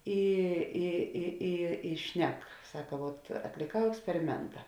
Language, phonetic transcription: Lithuanian, ˈi i i ˈi i ˈšnek ˈsaka vuot atlėˈkau eksperiˈmenta

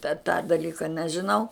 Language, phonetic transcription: Lithuanian, te tą daˈlyka nežiˈnau

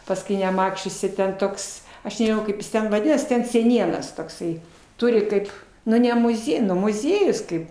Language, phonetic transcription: Lithuanian, pasˈkui neˈmačiusi ˈten ˈtoks ˈaš nežiˈnau ˈkaip ji ten vaˈdinas ten seˈnienas tokˈsai ˈturi ˈtaip ˈnu ne muˈzie nu muˈziejus ˈkaip

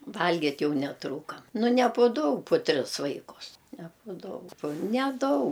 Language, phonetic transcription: Lithuanian, ˈvalgit' ˈjau neˈtrūkam ˈnu ne pu ˈdaug pu ˈtris ˈvaikus ne pu ˈdau pu neˈdaug

